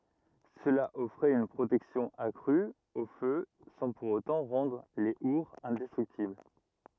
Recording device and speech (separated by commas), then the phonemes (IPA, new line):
rigid in-ear microphone, read sentence
səla ɔfʁɛt yn pʁotɛksjɔ̃ akʁy o fø sɑ̃ puʁ otɑ̃ ʁɑ̃dʁ le uʁz ɛ̃dɛstʁyktibl